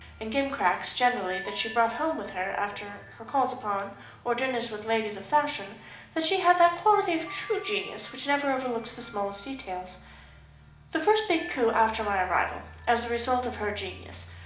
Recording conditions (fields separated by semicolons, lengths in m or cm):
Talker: one person; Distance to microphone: 2.0 m; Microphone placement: close; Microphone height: 99 cm; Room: medium-sized (5.7 m by 4.0 m); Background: music